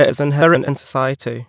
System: TTS, waveform concatenation